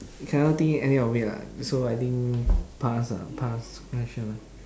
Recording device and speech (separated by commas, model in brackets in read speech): standing microphone, conversation in separate rooms